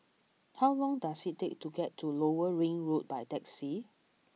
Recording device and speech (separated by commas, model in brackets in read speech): mobile phone (iPhone 6), read sentence